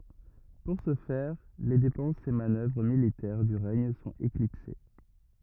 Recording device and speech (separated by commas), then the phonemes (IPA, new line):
rigid in-ear microphone, read sentence
puʁ sə fɛʁ le depɑ̃sz e manœvʁ militɛʁ dy ʁɛɲ sɔ̃t eklipse